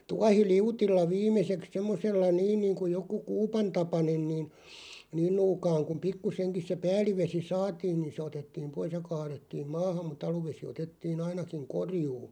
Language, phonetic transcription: Finnish, 'tuahi"liutilla "viim̆meseks semmosella "niin niiŋku 'joku "kuupantapanen niin , 'niin 'nuukaaŋ kuᵐ "pikkuseŋkis se 'pääl̀ivesi "saatiin̬ niin 'se 'otettiiᵐ "pois ja 'kaarettiim "maahaᵐ mu'ᵗ ‿aluvesi otettii'n ‿ainakiŋ "korjuu .
- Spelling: tuohiliutilla viimeiseksi semmoisella niin niin kuin joku kuupantapainen niin niin nuukaan kun pikkuisenkin se päällivesi saatiin niin se otettiin pois ja kaadettiin maahan muu aluvesi otettiin ainakin korjuun

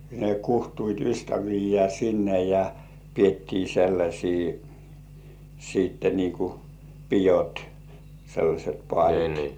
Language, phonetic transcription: Finnish, ne kuhtuit ystävijjĕä̀ sinne ja , piettii 'sellaśii , siitte nii ku "pijot , sellaśet pŏàĺit .
- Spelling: ne kutsuivat ystäviä sinne ja pidettiin sellaisia sitten niin kuin pidot sellaiset paalit

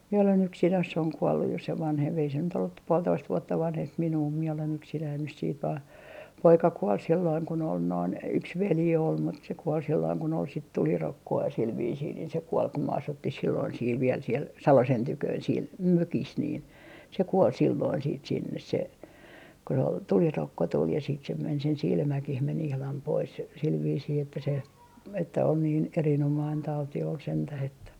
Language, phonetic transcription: Finnish, mie olen 'yksin (Ass) oŋ 'kuolluj jo se vanhemp ei se nyt ollup p - puoltoist vuotta 'vanhemp 'minuu mie olen yksinäin nys siit vaa , 'poika 'kuol silloiŋ kun ‿ol noin , 'yks "veli ol mut se 'kuol silloiŋ kun ‿ol sit "tulirokko₍a sil viisiin niin se 'kuol kum 'm ‿asuttih silloin siil viel siel , "Salosen 'tyköön siel , "mökis 'niin , se 'kuol silloin siit sinnes se , ko se ‿ol , tulirokko tul ja siit se men sen "silmäkih men 'ihlam 'pois sil viisii että se , että on niin 'erinomain 'tauti ol 'sentäh ‿että .
- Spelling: minä olen yksin - on kuollut jo se vanhempi ei se nyt ollut - puolitoista vuotta vanhempi minua minä olen yksinäni nyt sitten vain poika kuoli silloin kun olin noin yksi veli oli mutta se kuoli silloin kun oli sitten tulirokkoa sillä viisiin niin se kuoli kun me asuttiin silloin siellä vielä siellä Salosen tykönä siellä mökissä niin se kuoli silloin sitten sinne se kun se oli tulirokko tuli ja sitten se meni sen silmäkin meni ihan pois sillä viisiin että se että on niin erinomainen tauti oli sentään että

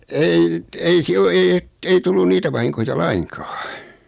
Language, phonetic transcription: Finnish, ei , 'ei 'siel ‿o 'ei et , ei 'tullun 'niitä vahiŋkoja "laiŋkᴀᴀ .
- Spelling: ei ei siellä ole ei että ei tullut niitä vahinkoja lainkaan

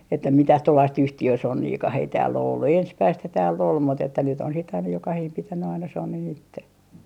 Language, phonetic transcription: Finnish, että 'mitäh 'tuollaist "yhti₍ösonniikah ei tääll ‿o ollu , 'ensmäisthä tääl'l ‿ol mut että nyt ‿on sit aina 'jokahiim 'pitänny aina 'sonnin 'itte .
- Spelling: että mitään tuollaista yhtiösonniakaan ei täällä ole ollut ensimmäistähän täällä oli mutta että nyt on sitten aina jokainen pitänyt aina sonnin itse

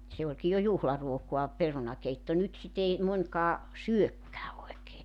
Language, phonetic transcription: Finnish, se oĺki jo 'juhlaruokoa , 'perunakeitto 'nyt sit ‿ei , 'mońkaa , "syökkää oekee .
- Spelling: se olikin jo juhlaruokaa perunakeitto nyt sitä ei monikaan syökään oikein

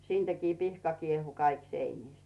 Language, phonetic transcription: Finnish, siintäkii 'pihka kiehu 'kaik 'seinìst .
- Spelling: siitäkin pihka kiehui kaikki seinistä

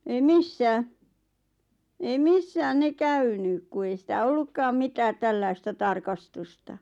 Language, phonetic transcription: Finnish, ei 'missää , ei "missääⁿ 'ne "käynyk ku ei sitä "ollukkaam mitäät 'tällaista 'tarkastusta .
- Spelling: ei missään ei missään ne käynyt kun ei sitä ollutkaan mitään tällaista tarkastusta

